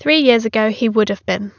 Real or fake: real